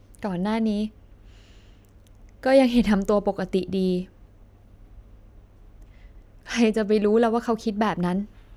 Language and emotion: Thai, sad